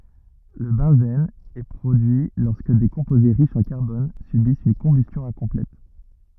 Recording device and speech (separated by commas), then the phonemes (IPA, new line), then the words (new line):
rigid in-ear microphone, read sentence
lə bɑ̃zɛn ɛ pʁodyi lɔʁskə de kɔ̃poze ʁiʃz ɑ̃ kaʁbɔn sybist yn kɔ̃bystjɔ̃ ɛ̃kɔ̃plɛt
Le benzène est produit lorsque des composés riches en carbone subissent une combustion incomplète.